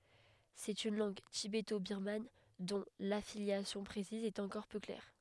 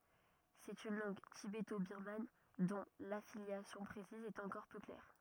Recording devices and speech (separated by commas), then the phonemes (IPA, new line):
headset microphone, rigid in-ear microphone, read sentence
sɛt yn lɑ̃ɡ tibetobiʁman dɔ̃ lafiljasjɔ̃ pʁesiz ɛt ɑ̃kɔʁ pø klɛʁ